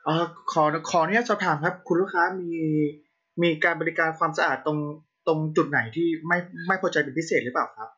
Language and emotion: Thai, neutral